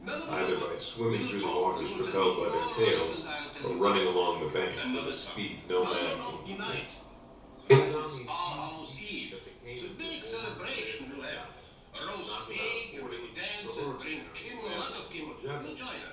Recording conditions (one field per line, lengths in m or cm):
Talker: one person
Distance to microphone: 3.0 m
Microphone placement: far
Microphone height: 1.8 m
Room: small (3.7 m by 2.7 m)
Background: television